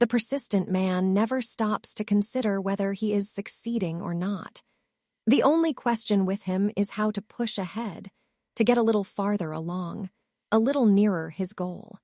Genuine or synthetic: synthetic